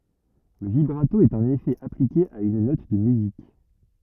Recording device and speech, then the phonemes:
rigid in-ear microphone, read sentence
lə vibʁato ɛt œ̃n efɛ aplike a yn nɔt də myzik

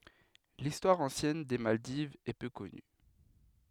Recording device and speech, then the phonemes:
headset microphone, read sentence
listwaʁ ɑ̃sjɛn de maldivz ɛ pø kɔny

